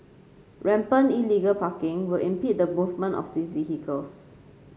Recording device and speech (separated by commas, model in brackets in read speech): mobile phone (Samsung C5), read sentence